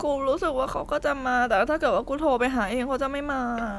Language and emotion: Thai, sad